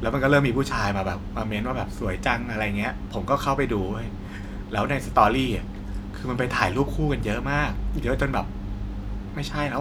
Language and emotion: Thai, frustrated